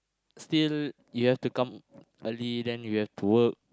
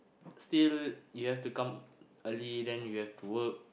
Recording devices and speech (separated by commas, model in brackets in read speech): close-talking microphone, boundary microphone, conversation in the same room